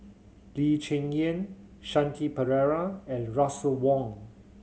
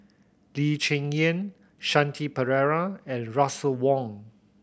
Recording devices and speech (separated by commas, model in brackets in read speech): mobile phone (Samsung C7100), boundary microphone (BM630), read sentence